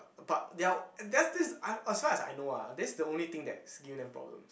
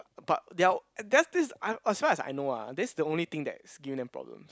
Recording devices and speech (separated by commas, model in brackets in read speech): boundary microphone, close-talking microphone, conversation in the same room